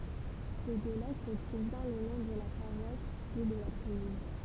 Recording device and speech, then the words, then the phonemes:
temple vibration pickup, read sentence
C'est de là que provient le nom de la paroisse, puis de la commune.
sɛ də la kə pʁovjɛ̃ lə nɔ̃ də la paʁwas pyi də la kɔmyn

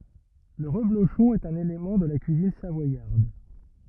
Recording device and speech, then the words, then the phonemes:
rigid in-ear microphone, read sentence
Le reblochon est un élément de la cuisine savoyarde.
lə ʁəbloʃɔ̃ ɛt œ̃n elemɑ̃ də la kyizin savwajaʁd

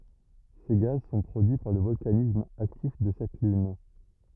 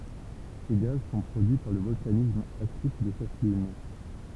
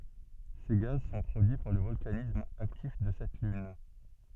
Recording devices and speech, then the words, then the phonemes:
rigid in-ear microphone, temple vibration pickup, soft in-ear microphone, read sentence
Ces gaz sont produits par le volcanisme actif de cette lune.
se ɡaz sɔ̃ pʁodyi paʁ lə vɔlkanism aktif də sɛt lyn

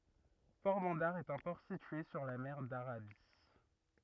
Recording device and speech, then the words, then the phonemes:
rigid in-ear microphone, read sentence
Porbandar est un port situé sur la mer d'Arabie.
pɔʁbɑ̃daʁ ɛt œ̃ pɔʁ sitye syʁ la mɛʁ daʁabi

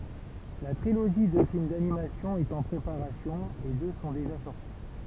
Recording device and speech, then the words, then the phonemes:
temple vibration pickup, read sentence
La trilogie de films d'animation est en préparation et deux sont déjà sorti.
la tʁiloʒi də film danimasjɔ̃ ɛt ɑ̃ pʁepaʁasjɔ̃ e dø sɔ̃ deʒa sɔʁti

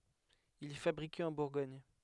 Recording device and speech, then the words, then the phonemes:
headset microphone, read sentence
Il est fabriqué en Bourgogne.
il ɛ fabʁike ɑ̃ buʁɡɔɲ

